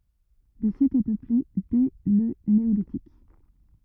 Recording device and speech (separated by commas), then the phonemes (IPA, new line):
rigid in-ear microphone, read sentence
lə sit ɛ pøple dɛ lə neolitik